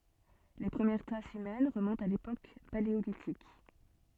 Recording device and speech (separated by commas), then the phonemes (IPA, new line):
soft in-ear microphone, read sentence
le pʁəmjɛʁ tʁasz ymɛn ʁəmɔ̃tt a lepok paleolitik